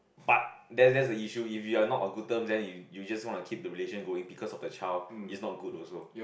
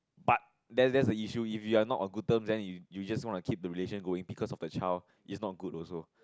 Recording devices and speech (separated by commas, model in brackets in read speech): boundary microphone, close-talking microphone, conversation in the same room